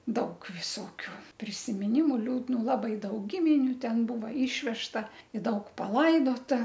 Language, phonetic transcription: Lithuanian, ˈdaug viˈsokiu prisimiˈnimu liūdˈnų labai ˈdaug ˈgiminiu ˈten ˈbūva ˈyšvežta i ˈdaug paˈlaidota

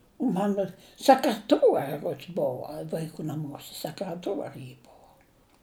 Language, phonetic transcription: Lithuanian, ˈmano sekreˈtuori ˈruods ˈbuva vaiˈkų naˈmuose sekreˈtuori ji ˈbuvo

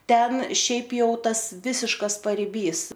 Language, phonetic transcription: Lithuanian, ˈten ˈšiaip jau ˈtas ˈvisiškas pariˈbys

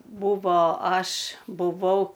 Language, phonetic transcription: Lithuanian, ˈbuvo ˈaš buˈvau

